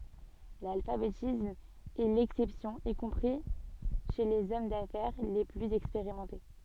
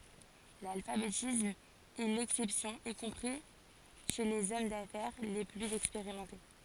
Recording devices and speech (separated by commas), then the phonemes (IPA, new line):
soft in-ear microphone, forehead accelerometer, read sentence
lalfabetism ɛ lɛksɛpsjɔ̃ i kɔ̃pʁi ʃe lez ɔm dafɛʁ le plyz ɛkspeʁimɑ̃te